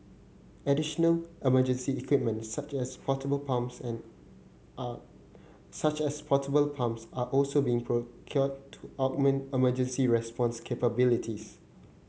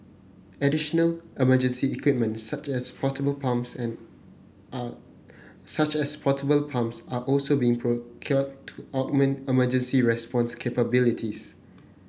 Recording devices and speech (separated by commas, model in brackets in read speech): mobile phone (Samsung C9), boundary microphone (BM630), read sentence